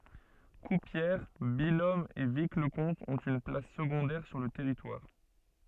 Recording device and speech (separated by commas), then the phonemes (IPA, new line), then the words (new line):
soft in-ear microphone, read sentence
kuʁpjɛʁ bijɔm e vikləkɔ̃t ɔ̃t yn plas səɡɔ̃dɛʁ syʁ lə tɛʁitwaʁ
Courpière, Billom et Vic-le-Comte ont une place secondaire sur le territoire.